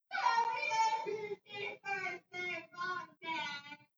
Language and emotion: English, sad